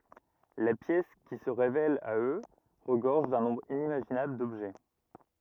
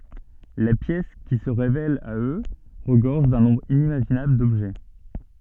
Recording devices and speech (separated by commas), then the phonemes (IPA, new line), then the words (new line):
rigid in-ear microphone, soft in-ear microphone, read sentence
la pjɛs ki sə ʁevɛl a ø ʁəɡɔʁʒ dœ̃ nɔ̃bʁ inimaʒinabl dɔbʒɛ
La pièce qui se révèle à eux regorge d'un nombre inimaginable d'objets.